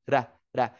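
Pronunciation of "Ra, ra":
Each syllable starts with a quick D sound.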